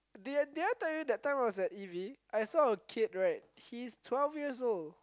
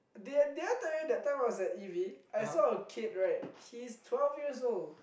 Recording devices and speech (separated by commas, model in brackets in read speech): close-talking microphone, boundary microphone, conversation in the same room